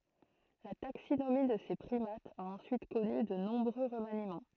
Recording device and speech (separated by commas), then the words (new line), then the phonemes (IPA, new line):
throat microphone, read sentence
La taxinomie de ces primates a ensuite connu de nombreux remaniements.
la taksinomi də se pʁimatz a ɑ̃syit kɔny də nɔ̃bʁø ʁəmanimɑ̃